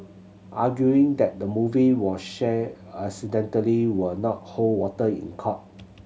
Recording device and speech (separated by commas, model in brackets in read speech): mobile phone (Samsung C7100), read sentence